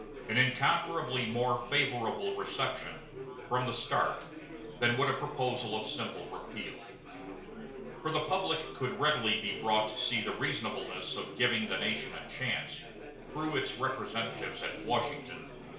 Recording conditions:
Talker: one person; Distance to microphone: 1.0 m; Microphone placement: close; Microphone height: 1.1 m; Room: small (3.7 m by 2.7 m); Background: babble

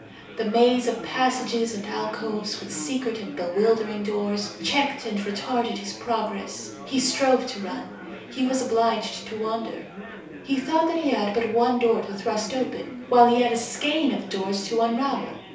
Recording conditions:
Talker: one person; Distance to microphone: 3.0 m; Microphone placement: far; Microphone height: 1.8 m; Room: small (3.7 m by 2.7 m); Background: babble

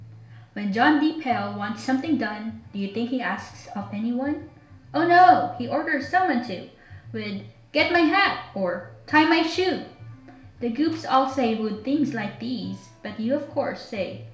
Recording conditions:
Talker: one person; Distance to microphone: 1.0 m; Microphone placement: close; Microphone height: 1.1 m; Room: small (3.7 m by 2.7 m); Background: music

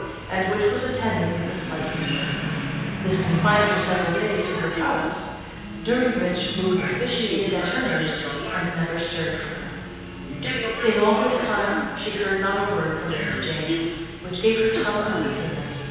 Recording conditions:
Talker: one person; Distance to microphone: 7.1 m; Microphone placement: far; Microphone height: 1.7 m; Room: very reverberant, large; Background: television

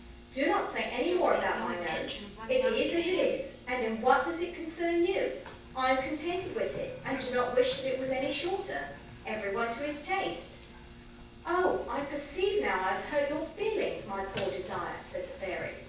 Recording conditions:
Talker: one person; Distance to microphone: 9.8 m; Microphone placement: far; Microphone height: 1.8 m; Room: large; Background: television

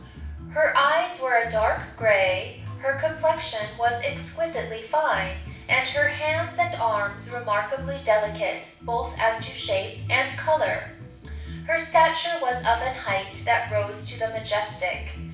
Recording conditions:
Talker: one person; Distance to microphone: 5.8 m; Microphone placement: far; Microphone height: 1.8 m; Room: medium-sized (5.7 m by 4.0 m); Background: music

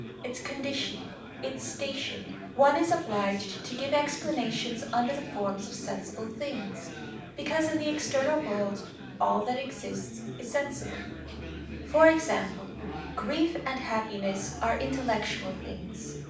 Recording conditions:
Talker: one person; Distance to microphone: 5.8 m; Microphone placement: far; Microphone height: 1.8 m; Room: medium-sized (5.7 m by 4.0 m); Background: babble

